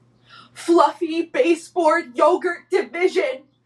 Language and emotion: English, fearful